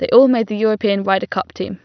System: none